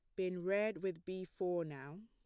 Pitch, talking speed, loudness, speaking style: 185 Hz, 195 wpm, -40 LUFS, plain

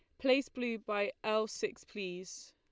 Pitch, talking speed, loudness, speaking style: 220 Hz, 155 wpm, -36 LUFS, Lombard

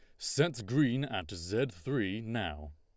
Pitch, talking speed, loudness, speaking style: 110 Hz, 140 wpm, -33 LUFS, Lombard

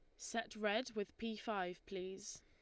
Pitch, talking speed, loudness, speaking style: 210 Hz, 165 wpm, -44 LUFS, Lombard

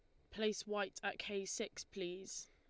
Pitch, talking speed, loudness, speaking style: 200 Hz, 165 wpm, -43 LUFS, Lombard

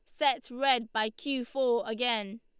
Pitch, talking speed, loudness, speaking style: 245 Hz, 165 wpm, -30 LUFS, Lombard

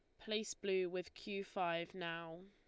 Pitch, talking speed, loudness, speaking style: 185 Hz, 160 wpm, -42 LUFS, Lombard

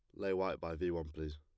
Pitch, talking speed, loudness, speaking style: 85 Hz, 305 wpm, -39 LUFS, plain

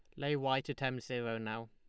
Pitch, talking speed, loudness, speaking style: 125 Hz, 240 wpm, -37 LUFS, Lombard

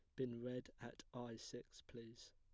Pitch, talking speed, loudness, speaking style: 120 Hz, 170 wpm, -52 LUFS, plain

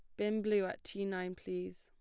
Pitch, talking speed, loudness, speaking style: 190 Hz, 225 wpm, -38 LUFS, plain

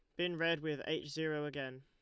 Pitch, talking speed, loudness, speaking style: 155 Hz, 220 wpm, -38 LUFS, Lombard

